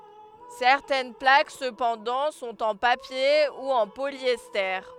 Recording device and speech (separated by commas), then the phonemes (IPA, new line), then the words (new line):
headset microphone, read sentence
sɛʁtɛn plak səpɑ̃dɑ̃ sɔ̃t ɑ̃ papje u ɑ̃ poljɛste
Certaines plaques cependant sont en papier ou en polyester.